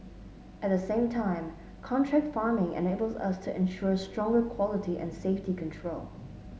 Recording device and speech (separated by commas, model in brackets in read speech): mobile phone (Samsung S8), read sentence